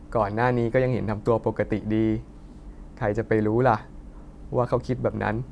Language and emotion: Thai, neutral